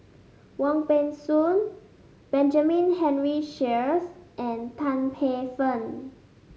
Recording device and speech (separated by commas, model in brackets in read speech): mobile phone (Samsung S8), read sentence